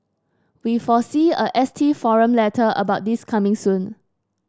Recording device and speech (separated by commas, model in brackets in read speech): standing microphone (AKG C214), read sentence